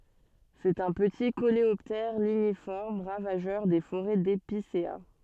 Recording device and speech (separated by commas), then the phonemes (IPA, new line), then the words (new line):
soft in-ear microphone, read sentence
sɛt œ̃ pəti koleɔptɛʁ liɲifɔʁm ʁavaʒœʁ de foʁɛ depisea
C'est un petit coléoptère ligniforme ravageur des forêts d'épicéas.